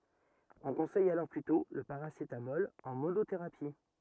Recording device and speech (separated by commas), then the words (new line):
rigid in-ear microphone, read sentence
On conseille alors plutôt le paracétamol en monothérapie.